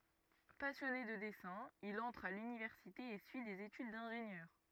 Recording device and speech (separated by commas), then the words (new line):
rigid in-ear microphone, read sentence
Passionné de dessin, il entre à l’université et suit des études d’ingénieur.